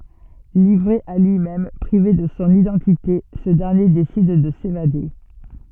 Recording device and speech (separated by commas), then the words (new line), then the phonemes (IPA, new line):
soft in-ear microphone, read sentence
Livré à lui-même, privé de son identité, ce dernier décide de s'évader...
livʁe a lyimɛm pʁive də sɔ̃ idɑ̃tite sə dɛʁnje desid də sevade